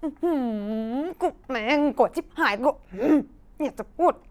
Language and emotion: Thai, frustrated